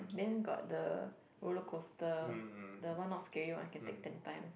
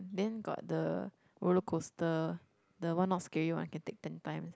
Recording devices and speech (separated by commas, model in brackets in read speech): boundary microphone, close-talking microphone, conversation in the same room